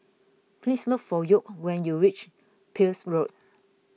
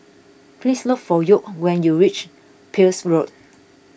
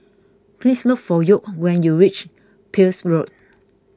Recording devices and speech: mobile phone (iPhone 6), boundary microphone (BM630), close-talking microphone (WH20), read sentence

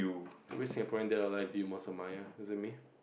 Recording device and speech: boundary microphone, conversation in the same room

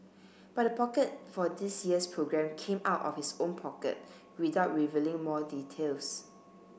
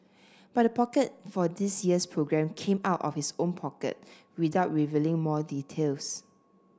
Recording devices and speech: boundary microphone (BM630), standing microphone (AKG C214), read sentence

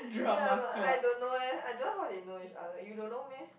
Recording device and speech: boundary microphone, conversation in the same room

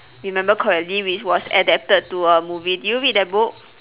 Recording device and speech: telephone, conversation in separate rooms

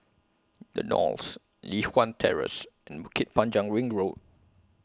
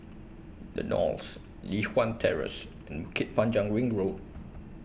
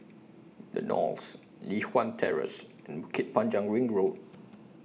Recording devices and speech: close-talking microphone (WH20), boundary microphone (BM630), mobile phone (iPhone 6), read sentence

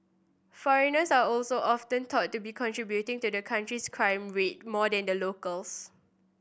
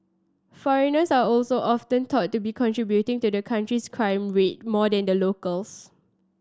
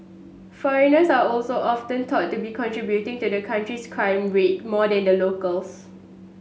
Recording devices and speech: boundary microphone (BM630), standing microphone (AKG C214), mobile phone (Samsung S8), read sentence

